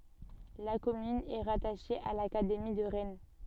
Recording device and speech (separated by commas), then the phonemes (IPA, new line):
soft in-ear microphone, read sentence
la kɔmyn ɛ ʁataʃe a lakademi də ʁɛn